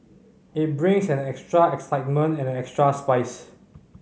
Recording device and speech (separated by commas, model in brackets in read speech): mobile phone (Samsung C5010), read sentence